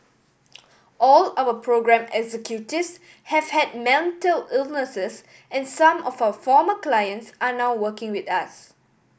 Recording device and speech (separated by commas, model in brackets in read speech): boundary microphone (BM630), read sentence